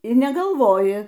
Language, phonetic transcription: Lithuanian, ir negalˈvoji

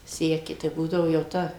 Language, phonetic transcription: Lithuanian, ˈseki tai ˈbūdavo jau ˈta

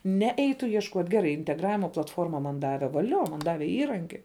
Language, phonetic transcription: Lithuanian, ˈne ˈeitu iešˈkuot' geˈrai integˈravima platˈforma man ˈdave vaˈlio man ˈdave ˈįranki

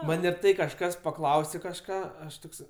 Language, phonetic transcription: Lithuanian, ˈman' ir ˈtai kažˈkas pakˈlausė kažˈką ˈaš ˈtoks

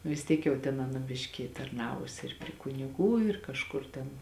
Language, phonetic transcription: Lithuanian, nu vis ˈtiek jau ten ˈana ˈbiški tarˈnavusi ir pri kuniˈgų ir kažˈkur ten

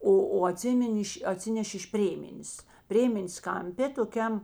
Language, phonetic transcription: Lithuanian, ˈo o aˈtsimin' ˈ iš aˈtsinešė iš ˈprėmenės ˈprėmenės kamˈpė toˈkiam

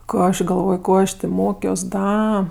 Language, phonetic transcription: Lithuanian, ˈko aš gaˈlvoj ˈko aš tė ˈmokios ˈda

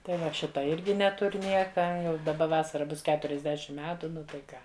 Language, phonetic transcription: Lithuanian, tai ˈva ˈšita ˈirgi ˈnetur' ˈnieka jau daˈba ˈvasara ˈbus keturisˈdešim ˈmetu ˈnu tai ˈką

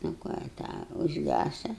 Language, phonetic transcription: Lithuanian, nu ˈką i ˈtą užˈgæsa

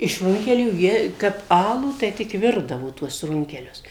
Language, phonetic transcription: Lithuanian, iš ˈrunkelių ˈjie kap ˈalų tai ˈtik ˈvirdavo tuos ˈrunkelius

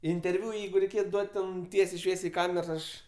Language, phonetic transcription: Lithuanian, interˈviu ˈjeigu reiˈkėt ˈduot' ˈten ˈtiesiai ˈšviesiai i ˈkamers ˈaš

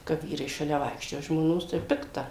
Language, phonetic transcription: Lithuanian, ka ˈvyrai šaˈlia ˈvaikščioja žmoˈnos tai ˈpikta

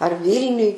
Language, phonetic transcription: Lithuanian, ar ˈvylniuj

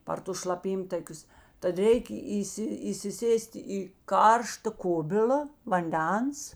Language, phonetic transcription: Lithuanian, par ˈtus šlaˈpymtakius tad ˈreik' ˈįsi įsiˈsės't' i ˈkaršta ˈkubil'a vanˈdens

